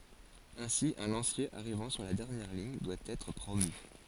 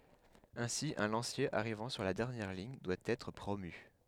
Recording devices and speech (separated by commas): forehead accelerometer, headset microphone, read sentence